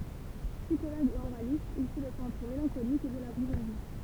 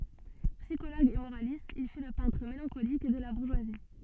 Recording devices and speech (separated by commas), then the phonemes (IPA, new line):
temple vibration pickup, soft in-ear microphone, read sentence
psikoloɡ e moʁalist il fy lə pɛ̃tʁ melɑ̃kolik də la buʁʒwazi